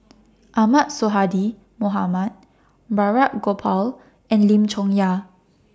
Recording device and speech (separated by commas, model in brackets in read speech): standing microphone (AKG C214), read sentence